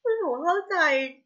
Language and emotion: Thai, sad